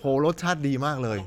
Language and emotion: Thai, happy